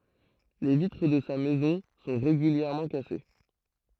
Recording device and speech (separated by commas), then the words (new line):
throat microphone, read sentence
Les vitres de sa maison sont régulièrement cassées.